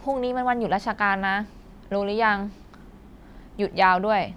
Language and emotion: Thai, neutral